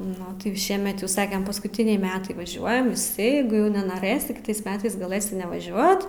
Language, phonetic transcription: Lithuanian, ˈnu ti jau ˈšiemet jau ˈsakem paskuˈtiniai ˈmetai vaˈžiuojam ˈjeigu jau nenoˈrɘsi kiˈtais ˈmetais gaˈlɘsi nevaˈžiuot

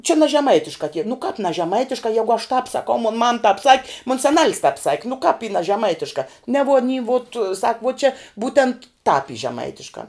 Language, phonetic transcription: Lithuanian, čia na žeˈmaitiškā tie nu kāp na žeˈmaitiškā ˈjegu aš tāp saˈkau mon mam tāp sak' mon saˈnal's tāp sak' nu kāp y na žeˈmaitiška ne vuo aˈny vot sak vuo čia ˈbūtent tāp y žeˈmaitiškā

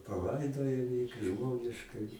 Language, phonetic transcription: Lithuanian, paˈlaidojo jį kai ˈžmoniškai

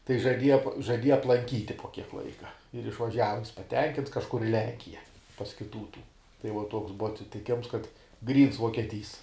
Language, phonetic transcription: Lithuanian, tai žaˈdieja po žaˈdieja aplanˈkyti po kiek ˈlaika ir išvaˈžiava jis paˈtenkints kažˈkur i ˈlenkija pas kiˈtų tų tai uo ˈtoks ˈbuva atsitiˈkėms kad ˈgryns vuokieˈtys

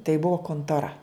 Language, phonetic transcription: Lithuanian, tai ˈbuo kontoˈra

